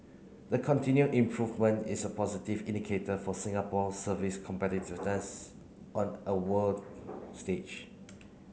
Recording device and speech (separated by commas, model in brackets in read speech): mobile phone (Samsung C9), read sentence